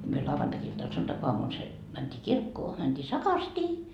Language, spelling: Finnish, - me lauantai-iltana sunnuntaiaamuna se mentiin kirkkoon mentiin sakastiin
- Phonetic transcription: em myö 'lauvantakiltan 'suntakoamun se , mänt́ii "kirkkoo mänDii "sakarstii .

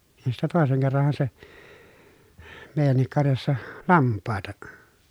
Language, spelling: Finnish, niin sitten toisen kerranhan se meidänkin karjassa lampaita
- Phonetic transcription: nin sittä tòeseŋ kerran̬ha se , mèi̮jännik karjassa , lamppàeta ,.

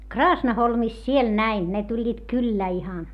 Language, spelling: Finnish, Kraasnaholmissa siellä näin ne tulivat kyllä ihan
- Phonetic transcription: Kraasnaholmis siel näin , ne tuĺĺiit kyllä̀ ihan .

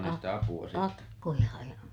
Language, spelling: Finnish, - akkoja ja
- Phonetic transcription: a- , akkoja ja ,.

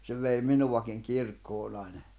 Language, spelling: Finnish, se vei minuakin kirkkoon aina
- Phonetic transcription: se vei 'minuwakiŋ 'kirkkoon ‿àina .

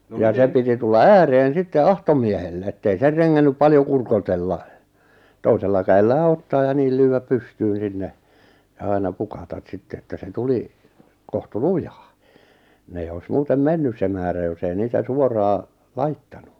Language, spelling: Finnish, ja se piti tulla ääreen sitten automiehelle että ei se rengännyt paljon kurkotella toisella kädellään ottaa ja niin lyödä pystyyn sinne ja aina pukata sitten että se tuli kohtu lujaa ne ei olisi muuten mennyt se määrä jos ei niitä suoraan laittanut
- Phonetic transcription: ja 'se piti 'tulla "ääreen 'sitte "automiehelle ettei 'ser reŋŋännyp 'paljo kurkotella , 'toisella käel'lää ottaa ja 'niil lyy₍äp 'pystyyn̬ 'sinne , ja 'aina 'pukatat 'sitte että se 'tuli , 'kohtu "lujᴀᴀ , ne 'eijj ‿oi̬s 'muutem "mennys se määrä jos ‿ei 'niitä 'suoraa , "laittanu .

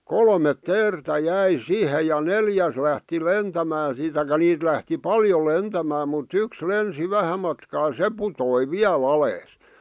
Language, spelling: Finnish, kolme teeriä jäi siihen ja neljäs lähti lentämään siitä tai niitä lähti paljon lentämään mutta yksi lensi vähän matkaa se putosi vielä alas
- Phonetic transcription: kolmet "teertä 'jäi "sihe ja "neljäs lähti "lentämää siit taikᵃ 'niit lähti 'paljo "lentämää mut't ‿yks 'lensi "vähä matkaa "se putoi "viä'l ‿alees .

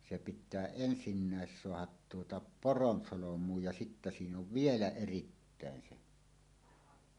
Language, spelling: Finnish, se pitää ensimmäiseksi saada tuota poronsolmuun ja sitten siinä on vielä erittäin se
- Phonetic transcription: se pit̆tää 'ensinnä̀es 'soahat tuota "poronsolom̀uuj ja sittä 'siin ‿ov "vielä "erittä̀en 'se .

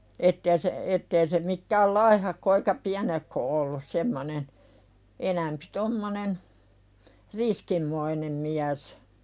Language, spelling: Finnish, että ei se että ei se mitään laihahko eikä pienehkö ollut semmoinen enempi tuommoinen riskinmoinen mies
- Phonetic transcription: ette₍ä se , ettee se mittääl "laihahko eikä "piänehko̳ ollus 'semmonen , enämpɪ 'tommonen , "riskimmoinem miäs .

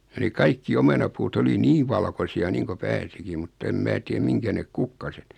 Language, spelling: Finnish, ja ne kaikki omenapuut oli niin valkoisia niin kuin pääsikin mutta en minä tiedä mihinkä ne kukkaset
- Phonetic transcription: ja ne 'kaikki 'omenapuut ‿oli "niiv 'valkosi₍a niiŋko 'pääsikiᵐ mutt ‿em 'mää tiem 'miŋkä nek "kukkaset ,.

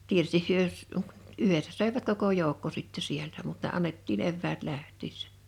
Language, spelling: Finnish, tietysti he - yhdessä söivät koko joukko sitten sieltä mutta ne annettiin eväät lähtiessä
- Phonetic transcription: 'tie(ty)stih hyö s- , 'yhessä sö̀evät koko 'jòokko sitte 'sieltä mut ne 'annettiin 'evväät 'läht̀iissᴀ̈ .

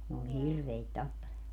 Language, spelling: Finnish, ne oli niin hirveitä tappelemaan
- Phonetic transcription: n ‿ool ni "hirveit 'tappelemaa .

